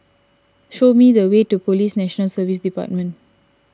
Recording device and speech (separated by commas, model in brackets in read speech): standing microphone (AKG C214), read sentence